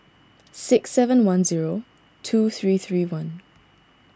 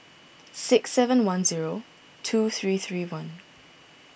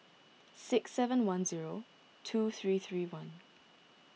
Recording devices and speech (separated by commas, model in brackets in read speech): standing microphone (AKG C214), boundary microphone (BM630), mobile phone (iPhone 6), read sentence